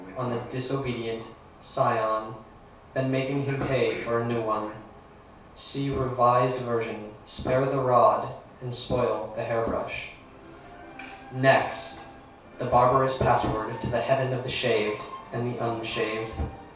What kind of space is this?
A small room (about 3.7 m by 2.7 m).